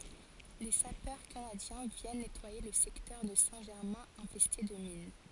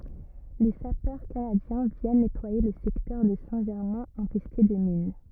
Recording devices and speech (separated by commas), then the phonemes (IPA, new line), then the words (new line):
forehead accelerometer, rigid in-ear microphone, read sentence
le sapœʁ kanadjɛ̃ vjɛn nɛtwaje lə sɛktœʁ də sɛ̃ ʒɛʁmɛ̃ ɛ̃fɛste də min
Les sapeurs canadiens viennent nettoyer le secteur de Saint-Germain infesté de mines.